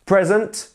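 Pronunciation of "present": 'Present' is said as the noun, not the verb, with the stress on the first syllable, 'pre'.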